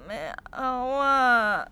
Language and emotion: Thai, sad